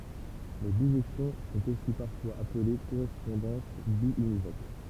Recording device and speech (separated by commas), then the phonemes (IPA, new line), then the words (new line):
temple vibration pickup, read sentence
le biʒɛksjɔ̃ sɔ̃t osi paʁfwaz aple koʁɛspɔ̃dɑ̃s bjynivok
Les bijections sont aussi parfois appelées correspondances biunivoques.